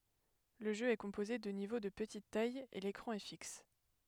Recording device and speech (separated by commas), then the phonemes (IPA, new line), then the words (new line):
headset microphone, read sentence
lə ʒø ɛ kɔ̃poze də nivo də pətit taj e lekʁɑ̃ ɛ fiks
Le jeu est composé de niveaux de petite taille et l'écran est fixe.